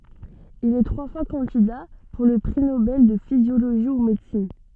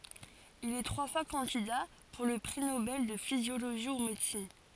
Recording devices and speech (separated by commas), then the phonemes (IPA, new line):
soft in-ear microphone, forehead accelerometer, read sentence
il ɛ tʁwa fwa kɑ̃dida puʁ lə pʁi nobɛl də fizjoloʒi u medəsin